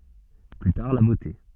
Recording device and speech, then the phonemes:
soft in-ear microphone, read sentence
ply taʁ la bote

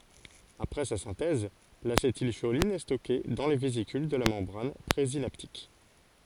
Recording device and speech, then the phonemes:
forehead accelerometer, read sentence
apʁɛ sa sɛ̃tɛz lasetilʃolin ɛ stɔke dɑ̃ le vezikyl də la mɑ̃bʁan pʁezinaptik

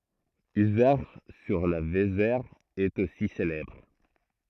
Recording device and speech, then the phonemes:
throat microphone, read sentence
yzɛʁʃ syʁ la vezɛʁ ɛt osi selɛbʁ

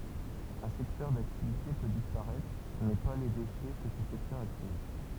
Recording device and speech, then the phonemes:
temple vibration pickup, read sentence
œ̃ sɛktœʁ daktivite pø dispaʁɛtʁ mɛ pa le deʃɛ kə sə sɛktœʁ a kʁee

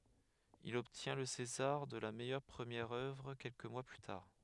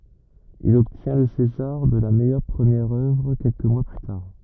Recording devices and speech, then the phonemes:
headset microphone, rigid in-ear microphone, read sentence
il ɔbtjɛ̃ lə sezaʁ də la mɛjœʁ pʁəmjɛʁ œvʁ kɛlkə mwa ply taʁ

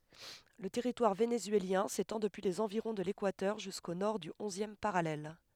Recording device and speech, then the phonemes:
headset microphone, read sentence
lə tɛʁitwaʁ venezyeljɛ̃ setɑ̃ dəpyi lez ɑ̃viʁɔ̃ də lekwatœʁ ʒysko nɔʁ dy ɔ̃zjɛm paʁalɛl

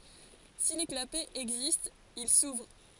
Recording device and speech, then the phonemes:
forehead accelerometer, read sentence
si le klapɛz ɛɡzistt il suvʁ

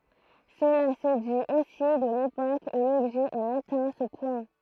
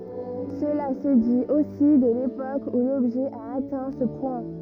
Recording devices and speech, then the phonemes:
throat microphone, rigid in-ear microphone, read sentence
səla sə dit osi də lepok u lɔbʒɛ a atɛ̃ sə pwɛ̃

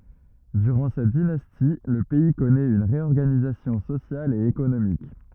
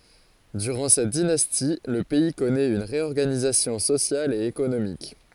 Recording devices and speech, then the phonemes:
rigid in-ear microphone, forehead accelerometer, read sentence
dyʁɑ̃ sɛt dinasti lə pɛi kɔnɛt yn ʁeɔʁɡanizasjɔ̃ sosjal e ekonomik

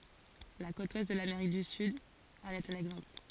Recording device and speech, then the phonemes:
forehead accelerometer, read sentence
la kot wɛst də lameʁik dy syd ɑ̃n ɛt œ̃n ɛɡzɑ̃pl

